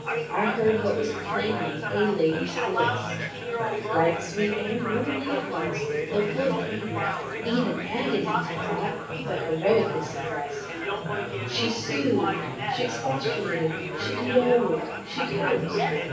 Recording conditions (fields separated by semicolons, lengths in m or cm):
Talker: one person; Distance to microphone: 9.8 m; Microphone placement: far; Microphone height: 1.8 m; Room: large; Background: babble